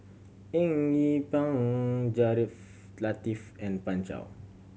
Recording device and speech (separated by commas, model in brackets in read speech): mobile phone (Samsung C7100), read sentence